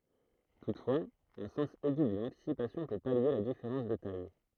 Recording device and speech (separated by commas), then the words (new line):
throat microphone, read sentence
Toutefois, un sens aigu de l'anticipation peut pallier la différence de taille.